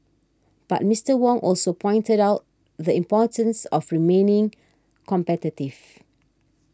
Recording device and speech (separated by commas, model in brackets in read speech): standing microphone (AKG C214), read sentence